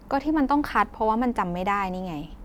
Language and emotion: Thai, frustrated